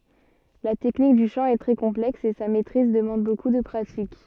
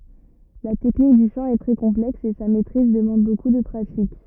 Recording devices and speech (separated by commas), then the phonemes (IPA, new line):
soft in-ear microphone, rigid in-ear microphone, read sentence
la tɛknik dy ʃɑ̃ ɛ tʁɛ kɔ̃plɛks e sa mɛtʁiz dəmɑ̃d boku də pʁatik